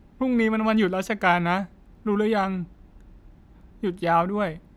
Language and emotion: Thai, sad